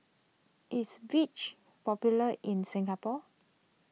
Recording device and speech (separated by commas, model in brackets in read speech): mobile phone (iPhone 6), read sentence